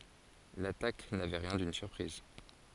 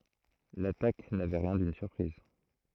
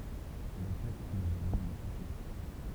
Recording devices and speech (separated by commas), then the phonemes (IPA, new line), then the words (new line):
forehead accelerometer, throat microphone, temple vibration pickup, read sentence
latak navɛ ʁjɛ̃ dyn syʁpʁiz
L’attaque n’avait rien d’une surprise.